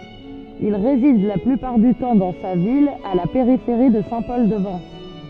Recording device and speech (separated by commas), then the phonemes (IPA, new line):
soft in-ear microphone, read sentence
il ʁezid la plypaʁ dy tɑ̃ dɑ̃ sa vila a la peʁifeʁi də sɛ̃ pɔl də vɑ̃s